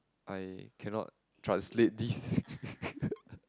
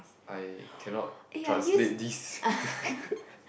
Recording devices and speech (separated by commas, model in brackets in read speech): close-talking microphone, boundary microphone, conversation in the same room